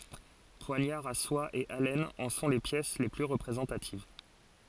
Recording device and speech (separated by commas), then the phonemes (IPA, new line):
forehead accelerometer, read sentence
pwaɲaʁz a swa e alɛnz ɑ̃ sɔ̃ le pjɛs le ply ʁəpʁezɑ̃tativ